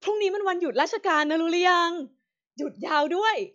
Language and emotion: Thai, happy